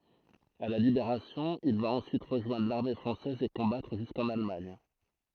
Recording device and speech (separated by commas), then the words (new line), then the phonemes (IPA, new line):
throat microphone, read sentence
À la Libération, il va ensuite rejoindre l'armée française et combattre jusqu'en Allemagne.
a la libeʁasjɔ̃ il va ɑ̃syit ʁəʒwɛ̃dʁ laʁme fʁɑ̃sɛz e kɔ̃batʁ ʒyskɑ̃n almaɲ